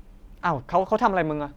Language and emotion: Thai, frustrated